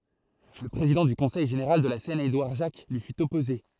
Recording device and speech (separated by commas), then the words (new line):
throat microphone, read sentence
Le président du Conseil général de la Seine Édouard Jacques lui fut opposé.